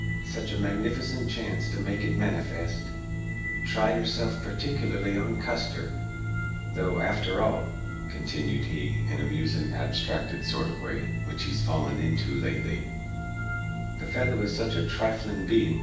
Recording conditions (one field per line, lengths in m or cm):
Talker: one person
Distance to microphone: 9.8 m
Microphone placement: far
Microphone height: 1.8 m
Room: large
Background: music